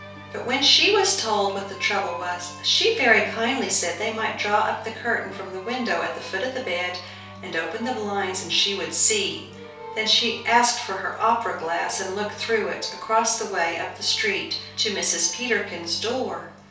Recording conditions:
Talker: one person; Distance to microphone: 3.0 m; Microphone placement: far; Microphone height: 1.8 m; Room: small (3.7 m by 2.7 m); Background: music

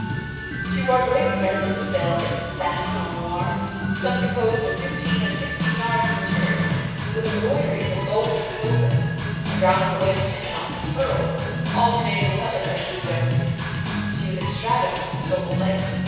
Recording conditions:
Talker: one person; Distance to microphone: 7.1 m; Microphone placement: far; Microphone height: 1.7 m; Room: very reverberant, large; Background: music

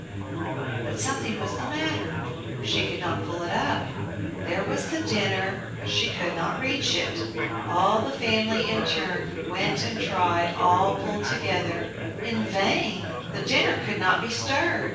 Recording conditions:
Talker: one person; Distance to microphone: 9.8 m; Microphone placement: far; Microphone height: 1.8 m; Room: large; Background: babble

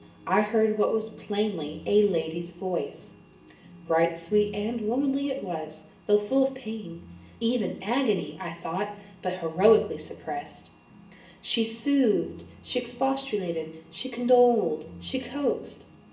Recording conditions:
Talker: one person; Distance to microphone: 1.8 m; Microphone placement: close; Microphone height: 1.0 m; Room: large; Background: music

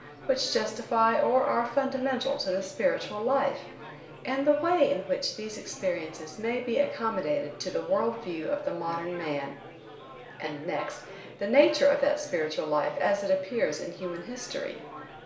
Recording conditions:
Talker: one person; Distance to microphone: 1.0 m; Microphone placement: close; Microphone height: 1.1 m; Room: small (3.7 m by 2.7 m); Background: babble

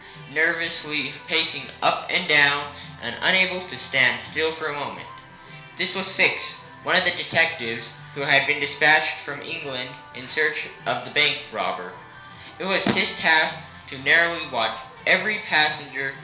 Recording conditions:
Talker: one person; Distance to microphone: 1.0 m; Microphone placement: close; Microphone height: 1.1 m; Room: small (3.7 m by 2.7 m); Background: music

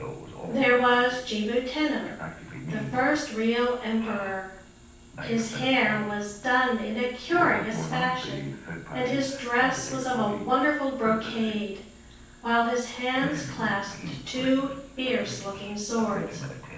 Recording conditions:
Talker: one person; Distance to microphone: 9.8 m; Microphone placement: far; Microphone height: 1.8 m; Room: large; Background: television

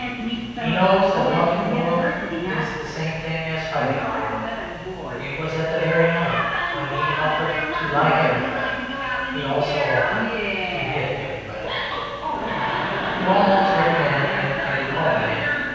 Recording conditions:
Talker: one person; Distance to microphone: 7.1 m; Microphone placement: far; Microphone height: 1.7 m; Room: very reverberant, large; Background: television

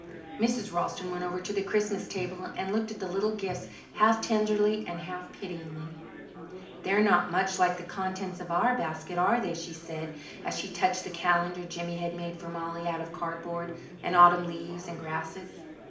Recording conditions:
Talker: one person; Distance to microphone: 2.0 m; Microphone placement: close; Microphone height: 99 cm; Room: medium-sized (5.7 m by 4.0 m); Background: babble

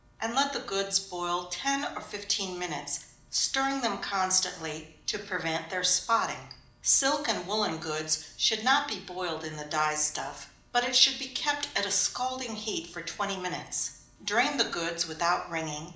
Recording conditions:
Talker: one person; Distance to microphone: 2.0 m; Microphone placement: close; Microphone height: 99 cm; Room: medium-sized (5.7 m by 4.0 m); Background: none

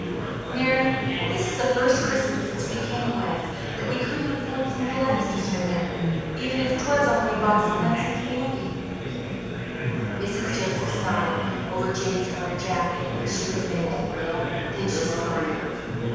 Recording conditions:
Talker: one person; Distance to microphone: 7.1 m; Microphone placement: far; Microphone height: 1.7 m; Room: very reverberant, large; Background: babble

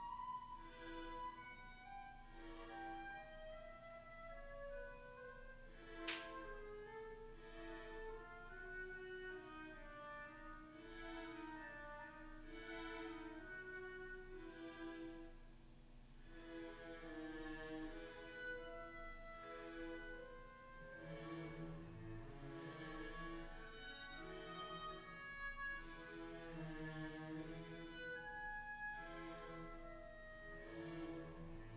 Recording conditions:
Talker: no one; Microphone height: 1.1 m; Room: small (3.7 m by 2.7 m); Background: music

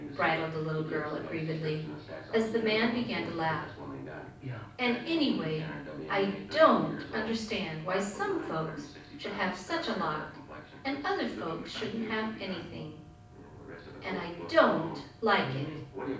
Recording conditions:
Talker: one person; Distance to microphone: 5.8 m; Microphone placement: far; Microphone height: 1.8 m; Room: medium-sized (5.7 m by 4.0 m); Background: television

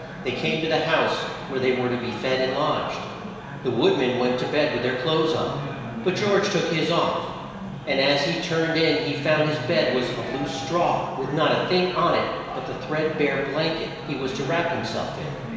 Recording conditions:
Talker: one person; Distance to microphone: 1.7 m; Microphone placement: close; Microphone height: 1.0 m; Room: very reverberant, large; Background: babble

